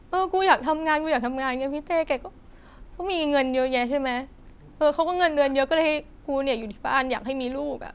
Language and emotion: Thai, frustrated